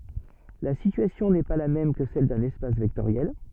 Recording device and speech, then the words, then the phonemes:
soft in-ear microphone, read sentence
La situation n'est pas la même que celle d'un espace vectoriel.
la sityasjɔ̃ nɛ pa la mɛm kə sɛl dœ̃n ɛspas vɛktoʁjɛl

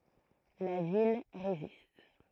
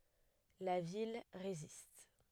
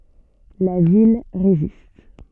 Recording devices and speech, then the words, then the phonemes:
throat microphone, headset microphone, soft in-ear microphone, read sentence
La ville résiste.
la vil ʁezist

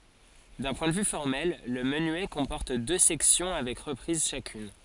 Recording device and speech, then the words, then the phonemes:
forehead accelerometer, read sentence
D'un point de vue formel, le menuet comporte deux sections avec reprise chacune.
dœ̃ pwɛ̃ də vy fɔʁmɛl lə mənyɛ kɔ̃pɔʁt dø sɛksjɔ̃ avɛk ʁəpʁiz ʃakyn

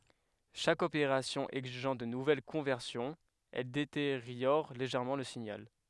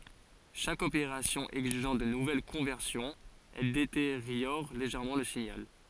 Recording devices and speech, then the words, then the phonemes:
headset microphone, forehead accelerometer, read sentence
Chaque opération exigeant de nouvelles conversions, elle détériore légèrement le signal.
ʃak opeʁasjɔ̃ ɛɡziʒɑ̃ də nuvɛl kɔ̃vɛʁsjɔ̃z ɛl deteʁjɔʁ leʒɛʁmɑ̃ lə siɲal

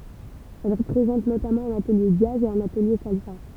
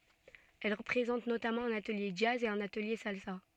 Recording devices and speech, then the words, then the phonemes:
temple vibration pickup, soft in-ear microphone, read sentence
Elle présente notamment un atelier jazz et un atelier salsa.
ɛl pʁezɑ̃t notamɑ̃ œ̃n atəlje dʒaz e œ̃n atəlje salsa

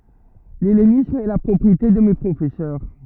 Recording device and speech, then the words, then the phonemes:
rigid in-ear microphone, read sentence
L'hellénisme est la propriété de mes professeurs.
lɛlenism ɛ la pʁɔpʁiete də me pʁofɛsœʁ

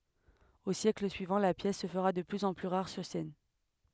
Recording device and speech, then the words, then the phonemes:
headset microphone, read sentence
Aux siècles suivants, la pièce se fera de plus en plus rare sur scène.
o sjɛkl syivɑ̃ la pjɛs sə fəʁa də plyz ɑ̃ ply ʁaʁ syʁ sɛn

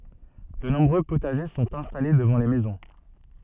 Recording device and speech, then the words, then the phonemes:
soft in-ear microphone, read sentence
De nombreux potagers sont installés devant les maisons.
də nɔ̃bʁø potaʒe sɔ̃t ɛ̃stale dəvɑ̃ le mɛzɔ̃

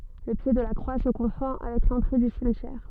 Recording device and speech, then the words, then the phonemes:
soft in-ear microphone, read sentence
Le pied de la croix se confond avec l'entrée du cimetière.
lə pje də la kʁwa sə kɔ̃fɔ̃ avɛk lɑ̃tʁe dy simtjɛʁ

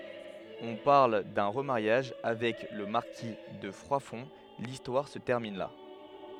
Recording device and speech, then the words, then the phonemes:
headset microphone, read sentence
On parle d'un remariage avec le marquis de Froidfond… l'histoire se termine là.
ɔ̃ paʁl dœ̃ ʁəmaʁjaʒ avɛk lə maʁki də fʁwadfɔ̃ listwaʁ sə tɛʁmin la

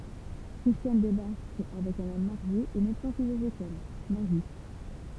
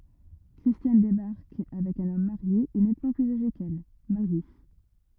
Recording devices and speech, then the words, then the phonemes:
temple vibration pickup, rigid in-ear microphone, read sentence
Christiane débarque avec un homme marié et nettement plus âgé qu'elle, Marius.
kʁistjan debaʁk avɛk œ̃n ɔm maʁje e nɛtmɑ̃ plyz aʒe kɛl maʁjys

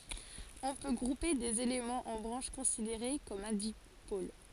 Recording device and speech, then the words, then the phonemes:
forehead accelerometer, read sentence
On peut grouper des éléments en branches considérées comme un dipôle.
ɔ̃ pø ɡʁupe dez elemɑ̃z ɑ̃ bʁɑ̃ʃ kɔ̃sideʁe kɔm œ̃ dipol

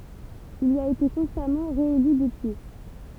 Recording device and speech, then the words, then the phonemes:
temple vibration pickup, read sentence
Il y a été constamment réélu depuis.
il i a ete kɔ̃stamɑ̃ ʁeely dəpyi

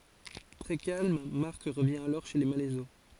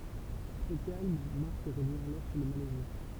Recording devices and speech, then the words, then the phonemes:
forehead accelerometer, temple vibration pickup, read sentence
Très calme, Marc revient alors chez les Malaiseau.
tʁɛ kalm maʁk ʁəvjɛ̃ alɔʁ ʃe le malɛzo

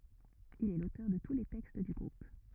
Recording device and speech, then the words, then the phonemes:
rigid in-ear microphone, read sentence
Il est l'auteur de tous les textes du groupe.
il ɛ lotœʁ də tu le tɛkst dy ɡʁup

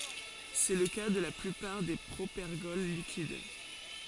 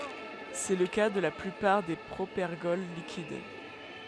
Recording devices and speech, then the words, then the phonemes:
forehead accelerometer, headset microphone, read sentence
C'est le cas de la plupart des propergols liquides.
sɛ lə ka də la plypaʁ de pʁopɛʁɡɔl likid

